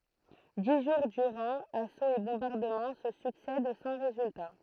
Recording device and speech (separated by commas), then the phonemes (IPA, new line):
throat microphone, read sentence
di ʒuʁ dyʁɑ̃ asoz e bɔ̃baʁdəmɑ̃ sə syksɛd sɑ̃ ʁezylta